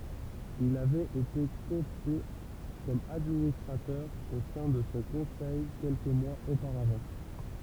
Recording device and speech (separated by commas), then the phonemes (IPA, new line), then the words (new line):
temple vibration pickup, read sentence
il avɛt ete kɔɔpte kɔm administʁatœʁ o sɛ̃ də sə kɔ̃sɛj kɛlkə mwaz opaʁavɑ̃
Il avait été coopté comme administrateur au sein de ce conseil quelques mois auparavant.